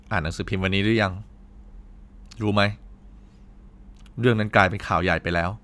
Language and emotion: Thai, neutral